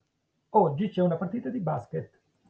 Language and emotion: Italian, neutral